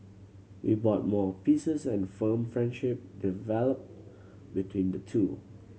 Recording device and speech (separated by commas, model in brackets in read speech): mobile phone (Samsung C7100), read sentence